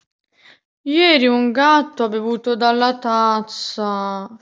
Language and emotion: Italian, sad